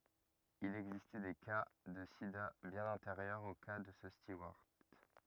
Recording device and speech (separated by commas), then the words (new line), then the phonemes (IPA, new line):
rigid in-ear microphone, read sentence
Il existait des cas de sida bien antérieurs au cas de ce steward.
il ɛɡzistɛ de ka də sida bjɛ̃n ɑ̃teʁjœʁz o ka də sə stuwaʁt